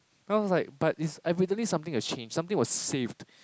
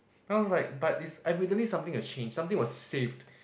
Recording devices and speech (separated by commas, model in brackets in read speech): close-talking microphone, boundary microphone, conversation in the same room